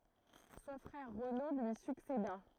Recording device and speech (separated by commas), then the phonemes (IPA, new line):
throat microphone, read sentence
sɔ̃ fʁɛʁ ʁəno lyi sykseda